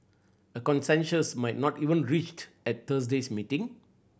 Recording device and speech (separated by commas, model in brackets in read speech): boundary microphone (BM630), read sentence